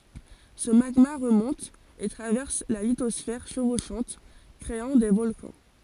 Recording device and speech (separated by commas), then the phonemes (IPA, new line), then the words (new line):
forehead accelerometer, read sentence
sə maɡma ʁəmɔ̃t e tʁavɛʁs la litɔsfɛʁ ʃəvoʃɑ̃t kʁeɑ̃ de vɔlkɑ̃
Ce magma remonte et traverse la lithosphère chevauchante, créant des volcans.